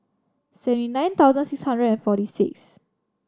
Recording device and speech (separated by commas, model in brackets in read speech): standing microphone (AKG C214), read sentence